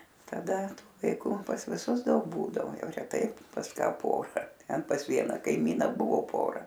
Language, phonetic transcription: Lithuanian, taˈda ˈtu vaiˈku pas viˈsus ˈdaug ˈbūdavo ˈjau reˈtai pas ˈka ˈpora ˈten pas ˈvieną kaiˈmyna ˈbuvo ˈpora

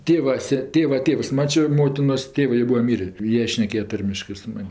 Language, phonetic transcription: Lithuanian, ˈtėva ˈse ˈtėva ˈtėvs ˈmačio ˈmotinos ˈtėvɜ jo ˈbūa ˈmyrė ˈjie ˈšnekėja ˈtarmiškɜ su ˈman'

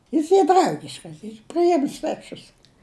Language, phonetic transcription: Lithuanian, ˈjis ˈy ˈdraugiškas yr priˈjim sveˈčius

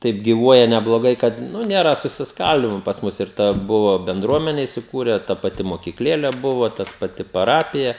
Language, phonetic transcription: Lithuanian, ˈtaip gyˈvuoja nebloˈgai kad ˈnu ˈnėra susisˈkaldymo pas ˈmus ˈir ˈta ˈbuva benˈdruomene isiˈkūre ta paˈti mokykˈlėle ˈbuva tas paˈti paˈrapija

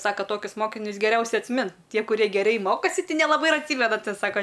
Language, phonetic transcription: Lithuanian, ˈsaka ˈtokius ˈmokinius geˈriausiai atsˈmint ˈtie kuˈrie geˈrei ˈmokosi ti nelaˈbai ir atˈsymena ˈsaka

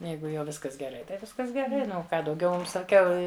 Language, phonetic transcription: Lithuanian, ˈjeigu jau ˈviskas geˈrai tai ˈviskas geˈrai ˈnu o ˈką dauˈgiau ˈmum saˈkiau

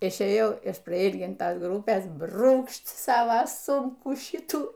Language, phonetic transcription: Lithuanian, išėˈjau iš praˈylgintas ˈgrupės ˈbrūkšt ˈsava ˈsūmkų ˈšitų

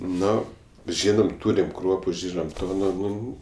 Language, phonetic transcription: Lithuanian, ˈno ˈžynam ˈtūrim ˈkruopu ˈžynam ˈto nu ˈnu

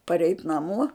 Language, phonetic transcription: Lithuanian, paˈreit naˈmo

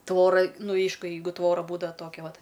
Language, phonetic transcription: Lithuanian, ˈtvora ˈnu ˈeišku ˈjeigu ˈtvora ˈbūdava ˈtokia ˈvat

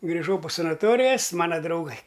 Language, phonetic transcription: Lithuanian, griˈžau po sanaˈtorijas ˈmana drauˈgai

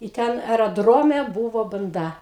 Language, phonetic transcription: Lithuanian, i ˈten eraˈdrome ˈbūvo banˈda

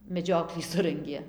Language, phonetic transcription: Lithuanian, meˈdžioklį ˈsurangė

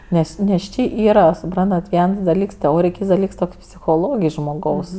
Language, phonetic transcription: Lithuanian, ˈnes nes ˈčė ˈyra suˈprantat ˈviens daˈlyks teˈorij ˈkyts daˈlyks ˈtok' psichoˈlogij žmoˈgaus

